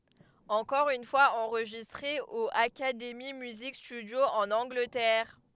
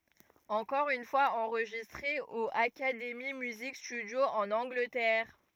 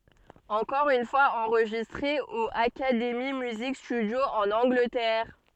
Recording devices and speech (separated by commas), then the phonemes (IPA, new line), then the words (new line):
headset microphone, rigid in-ear microphone, soft in-ear microphone, read sentence
ɑ̃kɔʁ yn fwaz ɑ̃ʁʒistʁe o akademi myzik stydjo ɑ̃n ɑ̃ɡlətɛʁ
Encore une fois enregistré au Academy Music Studio en Angleterre.